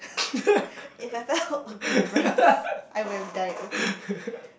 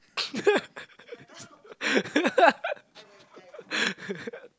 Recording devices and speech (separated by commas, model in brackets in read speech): boundary microphone, close-talking microphone, conversation in the same room